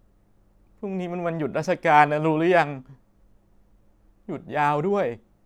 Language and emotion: Thai, sad